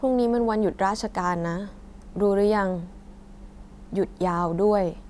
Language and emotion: Thai, frustrated